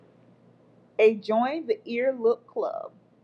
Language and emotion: English, neutral